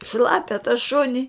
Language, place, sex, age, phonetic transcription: Lithuanian, Žemaitija, female, 60+, ˈšlapia ta ˈšuni

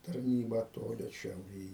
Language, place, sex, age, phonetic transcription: Lithuanian, Aukštaitija, male, 60+, tarˈnybą ˈtoli šiauˈrėj

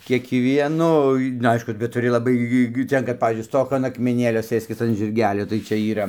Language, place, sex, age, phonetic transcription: Lithuanian, Dzūkija, male, 60+, kiekˈvienoj nu ˈaišku bet tuˈri laˈbai gi ˈten kad ˈpavyzdžiui ˈstok an akmeˈnėlio ˈsɘskis an žirˈgelio tai ˈčia yˈra

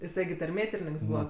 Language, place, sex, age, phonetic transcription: Lithuanian, Aukštaitija, female, 18-60, jiˈsai gi tarˈmėtirininks ˈbūva

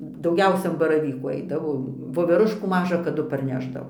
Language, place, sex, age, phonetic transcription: Lithuanian, Dzūkija, female, 60+, dauˈgiausia an baraˈvykų ˈaidavo voveˈruškų ˈmaža kaˈdu parˈnešdavo

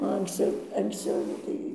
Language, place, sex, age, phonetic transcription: Lithuanian, Dzūkija, female, 60+, o anksˈciau anksˈciau jau ˈtai

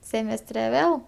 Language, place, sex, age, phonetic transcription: Lithuanian, Aukštaitija, female, 18-60, ˈsėmestre ˈvėl

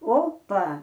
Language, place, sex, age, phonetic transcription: Lithuanian, Aukštaitija, female, 60+, ˈopa

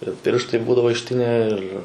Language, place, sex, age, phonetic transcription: Lithuanian, Suvalkija, male, 18-60, ir ˈpirštai ˈbūdavo išˈtinę ˈir

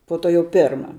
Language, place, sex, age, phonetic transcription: Lithuanian, Žemaitija, female, 18-60, po ˈto jau ˈpėrma

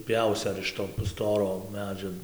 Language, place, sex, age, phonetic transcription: Lithuanian, Dzūkija, male, 18-60, ˈpjausi ar iš ˈto nu ˈstoro ˈmedžio

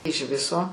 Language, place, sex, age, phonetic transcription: Lithuanian, Aukštaitija, female, 60+, iž ˈviso

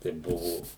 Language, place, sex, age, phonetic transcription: Lithuanian, Suvalkija, male, 60+, tai ˈbuvo

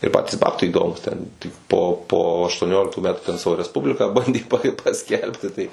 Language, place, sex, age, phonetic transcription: Lithuanian, Suvalkija, male, 18-60, ir ˈpatys ˈbabtai įˈdomūs ˈten tik po po aštuoˈnioliktų ˈmetu ten ˈsavo resˈpubliką ˈbandė pa paˈskelbti ˈtai

